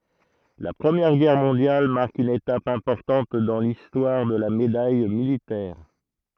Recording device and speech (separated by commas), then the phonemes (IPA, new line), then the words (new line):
throat microphone, read sentence
la pʁəmjɛʁ ɡɛʁ mɔ̃djal maʁk yn etap ɛ̃pɔʁtɑ̃t dɑ̃ listwaʁ də la medaj militɛʁ
La Première Guerre mondiale marque une étape importante dans l’histoire de la Médaille militaire.